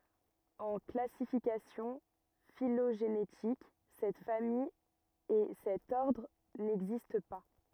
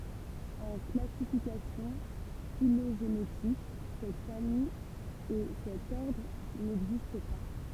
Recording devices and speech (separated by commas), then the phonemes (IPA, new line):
rigid in-ear microphone, temple vibration pickup, read sentence
ɑ̃ klasifikasjɔ̃ filoʒenetik sɛt famij e sɛt ɔʁdʁ nɛɡzist pa